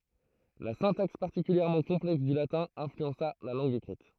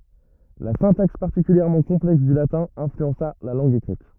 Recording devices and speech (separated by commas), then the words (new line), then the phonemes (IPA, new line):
throat microphone, rigid in-ear microphone, read sentence
La syntaxe particulièrement complexe du latin influença la langue écrite.
la sɛ̃taks paʁtikyljɛʁmɑ̃ kɔ̃plɛks dy latɛ̃ ɛ̃flyɑ̃sa la lɑ̃ɡ ekʁit